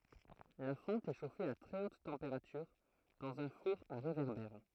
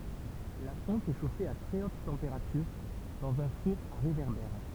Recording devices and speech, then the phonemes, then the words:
throat microphone, temple vibration pickup, read sentence
la fɔ̃t ɛ ʃofe a tʁɛ ot tɑ̃peʁatyʁ dɑ̃z œ̃ fuʁ a ʁevɛʁbɛʁ
La fonte est chauffée à très haute température dans un four à réverbère.

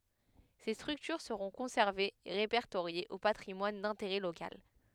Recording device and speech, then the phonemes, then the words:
headset microphone, read sentence
se stʁyktyʁ səʁɔ̃ kɔ̃sɛʁvez e ʁepɛʁtoʁjez o patʁimwan dɛ̃teʁɛ lokal
Ces structures seront conservées et répertoriées au patrimoine d’intérêt local.

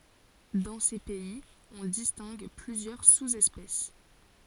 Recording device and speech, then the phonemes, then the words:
forehead accelerometer, read sentence
dɑ̃ se pɛiz ɔ̃ distɛ̃ɡ plyzjœʁ suzɛspɛs
Dans ces pays, on distingue plusieurs sous-espèces.

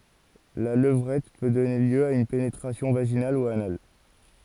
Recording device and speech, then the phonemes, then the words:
forehead accelerometer, read sentence
la ləvʁɛt pø dɔne ljø a yn penetʁasjɔ̃ vaʒinal u anal
La levrette peut donner lieu à une pénétration vaginale ou anale.

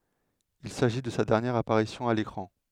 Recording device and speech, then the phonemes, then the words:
headset microphone, read sentence
il saʒi də sa dɛʁnjɛʁ apaʁisjɔ̃ a lekʁɑ̃
Il s'agit de sa dernière apparition à l'écran.

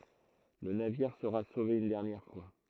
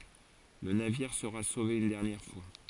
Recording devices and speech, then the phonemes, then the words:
throat microphone, forehead accelerometer, read sentence
lə naviʁ səʁa sove yn dɛʁnjɛʁ fwa
Le navire sera sauvé une dernière fois.

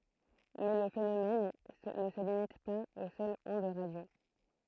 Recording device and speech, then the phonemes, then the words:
throat microphone, read sentence
mɛ lə fenomɛn nə sə limit paz o sœlz ɔ̃d ʁadjo
Mais le phénomène ne se limite pas aux seules ondes radio.

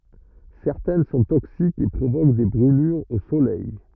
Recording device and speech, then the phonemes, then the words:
rigid in-ear microphone, read sentence
sɛʁtɛn sɔ̃ toksikz e pʁovok de bʁylyʁz o solɛj
Certaines sont toxiques et provoquent des brûlures au soleil.

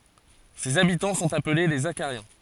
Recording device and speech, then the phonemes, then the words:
forehead accelerometer, read sentence
sez abitɑ̃ sɔ̃t aple le zaʃaʁjɛ̃
Ses habitants sont appelés les Zachariens.

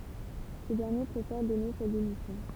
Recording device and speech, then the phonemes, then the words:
temple vibration pickup, read sentence
sə dɛʁnje pʁefɛʁ dɔne sa demisjɔ̃
Ce dernier préfère donner sa démission.

